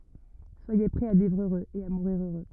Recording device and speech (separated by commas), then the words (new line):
rigid in-ear microphone, read sentence
Soyez prêts à vivre heureux et à mourir heureux.